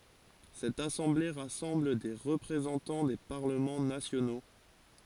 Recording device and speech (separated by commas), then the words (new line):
forehead accelerometer, read sentence
Cette assemblée rassemble des représentants des parlements nationaux.